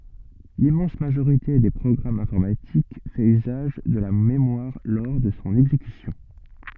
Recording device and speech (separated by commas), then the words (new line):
soft in-ear microphone, read sentence
L'immense majorité des programmes informatiques fait usage de la mémoire lors de son exécution.